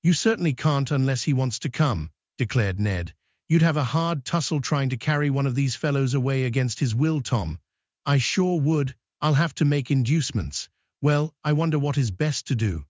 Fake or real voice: fake